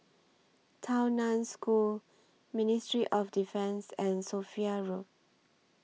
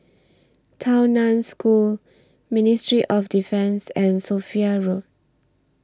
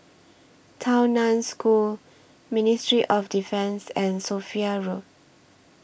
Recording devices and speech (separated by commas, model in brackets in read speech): mobile phone (iPhone 6), standing microphone (AKG C214), boundary microphone (BM630), read sentence